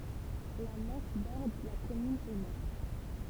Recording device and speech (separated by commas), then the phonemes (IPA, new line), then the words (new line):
temple vibration pickup, read sentence
la mɑ̃ʃ bɔʁd la kɔmyn o nɔʁ
La Manche borde la commune au nord.